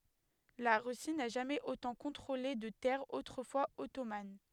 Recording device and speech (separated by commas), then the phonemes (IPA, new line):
headset microphone, read sentence
la ʁysi na ʒamɛz otɑ̃ kɔ̃tʁole də tɛʁz otʁəfwaz ɔtoman